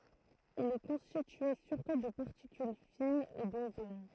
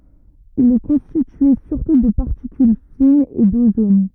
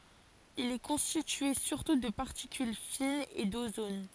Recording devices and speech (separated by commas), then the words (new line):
throat microphone, rigid in-ear microphone, forehead accelerometer, read sentence
Il est constitué surtout de particules fines et d'ozone.